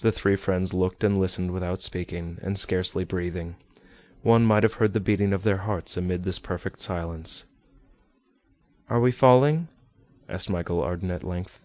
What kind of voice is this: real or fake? real